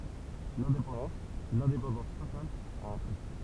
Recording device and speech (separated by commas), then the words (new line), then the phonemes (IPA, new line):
temple vibration pickup, read sentence
L’indépendance, l’indépendance totale, a un prix.
lɛ̃depɑ̃dɑ̃s lɛ̃depɑ̃dɑ̃s total a œ̃ pʁi